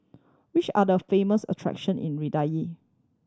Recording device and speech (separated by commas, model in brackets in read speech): standing microphone (AKG C214), read sentence